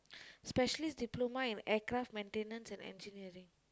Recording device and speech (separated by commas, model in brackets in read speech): close-talking microphone, conversation in the same room